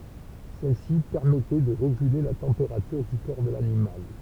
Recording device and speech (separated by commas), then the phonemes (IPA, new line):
temple vibration pickup, read sentence
sɛlsi pɛʁmɛtɛ də ʁeɡyle la tɑ̃peʁatyʁ dy kɔʁ də lanimal